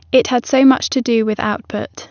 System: none